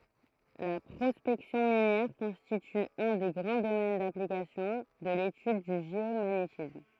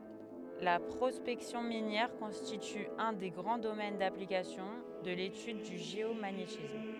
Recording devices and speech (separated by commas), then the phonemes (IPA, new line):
throat microphone, headset microphone, read sentence
la pʁɔspɛksjɔ̃ minjɛʁ kɔ̃stity œ̃ de ɡʁɑ̃ domɛn daplikasjɔ̃ də letyd dy ʒeomaɲetism